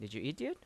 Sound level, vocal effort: 83 dB SPL, normal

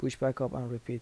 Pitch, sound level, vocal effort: 130 Hz, 78 dB SPL, soft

